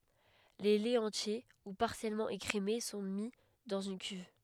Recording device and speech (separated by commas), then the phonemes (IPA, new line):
headset microphone, read sentence
le lɛz ɑ̃tje u paʁsjɛlmɑ̃ ekʁeme sɔ̃ mi dɑ̃z yn kyv